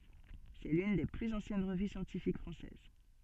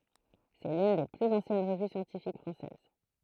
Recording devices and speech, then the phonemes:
soft in-ear microphone, throat microphone, read sentence
sɛ lyn de plyz ɑ̃sjɛn ʁəvy sjɑ̃tifik fʁɑ̃sɛz

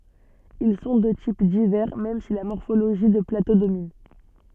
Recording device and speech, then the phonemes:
soft in-ear microphone, read sentence
il sɔ̃ də tip divɛʁ mɛm si la mɔʁfoloʒi də plato domin

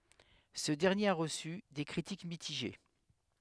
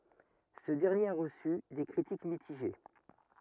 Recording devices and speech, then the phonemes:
headset microphone, rigid in-ear microphone, read sentence
sə dɛʁnjeʁ a ʁəsy de kʁitik mitiʒe

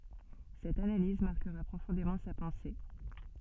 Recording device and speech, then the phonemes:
soft in-ear microphone, read sentence
sɛt analiz maʁkəʁa pʁofɔ̃demɑ̃ sa pɑ̃se

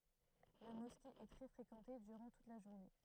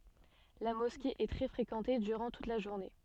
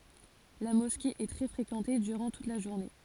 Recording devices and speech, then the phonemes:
throat microphone, soft in-ear microphone, forehead accelerometer, read sentence
la mɔske ɛ tʁɛ fʁekɑ̃te dyʁɑ̃ tut la ʒuʁne

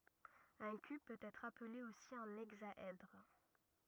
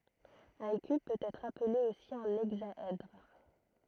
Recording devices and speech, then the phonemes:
rigid in-ear microphone, throat microphone, read sentence
œ̃ kyb pøt ɛtʁ aple osi œ̃ ɛɡzaɛdʁ

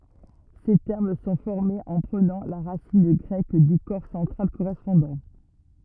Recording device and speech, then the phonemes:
rigid in-ear microphone, read sentence
se tɛʁm sɔ̃ fɔʁmez ɑ̃ pʁənɑ̃ la ʁasin ɡʁɛk dy kɔʁ sɑ̃tʁal koʁɛspɔ̃dɑ̃

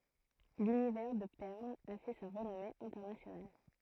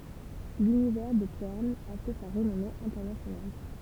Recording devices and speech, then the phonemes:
throat microphone, temple vibration pickup, read sentence
lynivɛʁ də pɛʁn a fɛ sa ʁənɔme ɛ̃tɛʁnasjonal

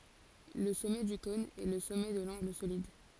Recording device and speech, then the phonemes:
forehead accelerometer, read sentence
lə sɔmɛ dy kɔ̃n ɛ lə sɔmɛ də lɑ̃ɡl solid

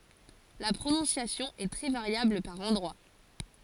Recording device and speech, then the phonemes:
forehead accelerometer, read sentence
la pʁonɔ̃sjasjɔ̃ ɛ tʁɛ vaʁjabl paʁ ɑ̃dʁwa

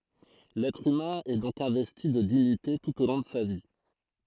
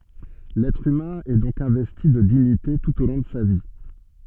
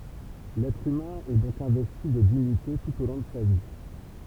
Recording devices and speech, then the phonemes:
throat microphone, soft in-ear microphone, temple vibration pickup, read sentence
lɛtʁ ymɛ̃ ɛ dɔ̃k ɛ̃vɛsti də diɲite tut o lɔ̃ də sa vi

